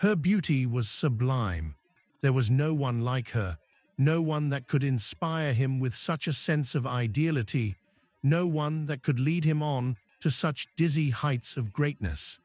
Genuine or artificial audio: artificial